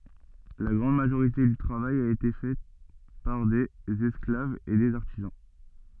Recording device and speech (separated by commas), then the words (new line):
soft in-ear microphone, read sentence
La grande majorité du travail a été fait par des esclaves et des artisans.